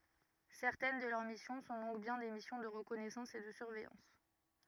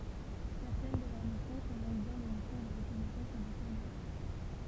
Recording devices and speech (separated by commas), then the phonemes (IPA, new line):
rigid in-ear microphone, temple vibration pickup, read sentence
sɛʁtɛn də lœʁ misjɔ̃ sɔ̃ dɔ̃k bjɛ̃ de misjɔ̃ də ʁəkɔnɛsɑ̃s e də syʁvɛjɑ̃s